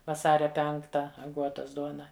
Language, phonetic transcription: Lithuanian, vaˈsaria ˈpenkta aˈguotas ˈduona

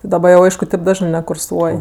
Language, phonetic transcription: Lithuanian, daˈba jau ˈaišku taip ˈdažnɜ nekurˈsuoj

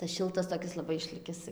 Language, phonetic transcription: Lithuanian, tas ˈšiltas laˈbai toˈkis išˈlikis

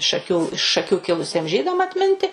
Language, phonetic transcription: Lithuanian, šaˈkių iš šaˈkių ˈkilusiem ˈžydam atˈminti

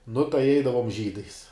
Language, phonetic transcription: Lithuanian, nu tai ˈeidavom žydais

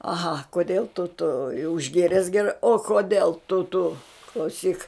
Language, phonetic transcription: Lithuanian, aˈha koˈdėl tu tu jau išˈgėres geˈrai o koˈdėl tu tu klauˈsyk

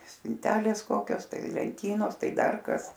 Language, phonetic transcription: Lithuanian, spinˈtelės ˈkokios ˈtai lenˈtynos ˈtai ˈdar ˈkas

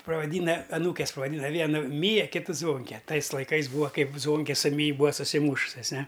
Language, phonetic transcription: Lithuanian, pravaˈdyna aˈnūkes pavaˈdyna ˈvienu ˈmyja ˈkitu ˈzvonke ˈtais laiˈkais ˈbūva ˈkaip ˈzvonke su ˈmyj ˈbūa susiˈmūšusias ˈne

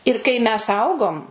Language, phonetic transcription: Lithuanian, ir kai mes ˈaugom

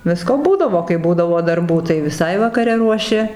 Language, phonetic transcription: Lithuanian, ˈvisko ˈbūdavo kai ˈbūdavo darˈbų tai viˈsai vakaˈre ruoˈši

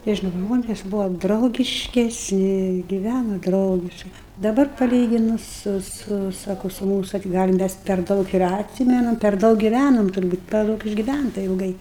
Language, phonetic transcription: Lithuanian, ˈtie ž ˈžmonės ˈbuva draugiškesˈni giˈvæno ˈdraugiškai daˈbar paˈlyginus ˈsu ˈsu ˈsako su ˈmūsu tai gal' ˈmes per ˈdaug ir atˈsymenam per ˈdaug giˈvænom turˈbūt per ˈdaug išgiˈvænta ilˈgai

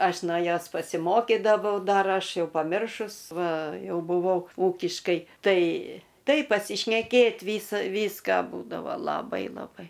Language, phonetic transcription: Lithuanian, ˈaš no ˈjos pasiˈmokidavau ˈdar ˈaš ˈjau paˈmiršus ˈva ˈjau buˈvau ˈūkiškai ˈtai ˈtai pasišneˈkėt' ˈvysa ˈvyską ˈbūdavo laˈbai laˈbai

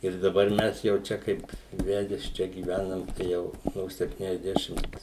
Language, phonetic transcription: Lithuanian, ir daˈbar ˈmes jau ˈčia ˈkaip ˈvedes ˈčia gyˈvænam ˈjau no septyniasˈdešimt

